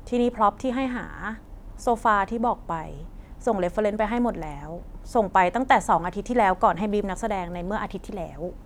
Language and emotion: Thai, frustrated